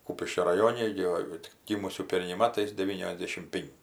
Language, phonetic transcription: Lithuanian, ˈkūpiškio raˈjone gi ˈva tik ˈgymusių ˈperniai ˈmatais deˈvyniosˌdėšim ˈpinki

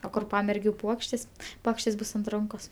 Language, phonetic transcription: Lithuanian, o ˈkur ˈpamergiu ˈpuokštės ˈpuokštės ˈbus ant ˈrankos

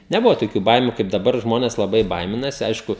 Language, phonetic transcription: Lithuanian, neˈbuvo toˈkių ˈbaimiu kaip daˈbar ˈžmones laˈbai ˈbaiminasi ˈaišku

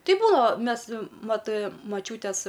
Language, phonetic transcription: Lithuanian, ˈtai ˈbūnao ˈmes ˈmat maˈčiūtės

